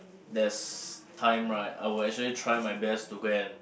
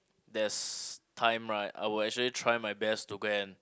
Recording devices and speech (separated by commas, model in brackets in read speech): boundary microphone, close-talking microphone, conversation in the same room